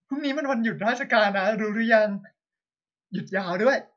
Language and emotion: Thai, happy